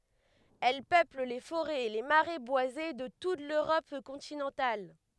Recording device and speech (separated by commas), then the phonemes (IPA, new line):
headset microphone, read sentence
ɛl pøpl le foʁɛz e le maʁɛ bwaze də tut løʁɔp kɔ̃tinɑ̃tal